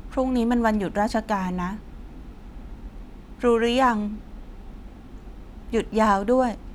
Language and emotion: Thai, sad